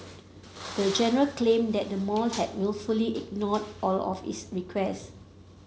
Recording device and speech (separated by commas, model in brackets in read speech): mobile phone (Samsung C7), read sentence